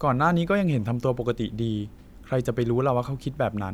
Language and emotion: Thai, neutral